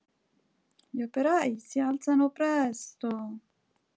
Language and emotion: Italian, sad